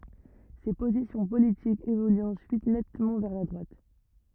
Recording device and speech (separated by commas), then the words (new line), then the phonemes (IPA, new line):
rigid in-ear microphone, read sentence
Ses positions politiques évoluent ensuite nettement vers la droite.
se pozisjɔ̃ politikz evolyt ɑ̃syit nɛtmɑ̃ vɛʁ la dʁwat